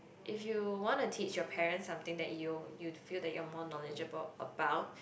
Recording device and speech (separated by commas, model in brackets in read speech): boundary microphone, conversation in the same room